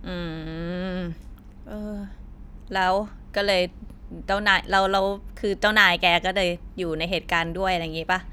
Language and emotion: Thai, neutral